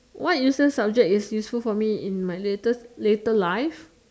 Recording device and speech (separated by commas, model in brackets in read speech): standing microphone, conversation in separate rooms